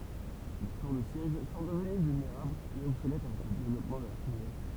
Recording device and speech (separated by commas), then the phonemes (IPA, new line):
temple vibration pickup, read sentence
le tuʁ də sjɛʒ sɔ̃ dəvəny vylneʁablz e ɔbsolɛt avɛk lə devlɔpmɑ̃ də laʁtijʁi